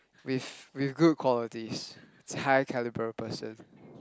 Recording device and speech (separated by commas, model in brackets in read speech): close-talking microphone, conversation in the same room